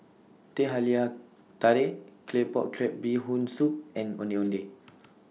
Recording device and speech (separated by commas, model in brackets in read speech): mobile phone (iPhone 6), read sentence